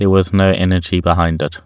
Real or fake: real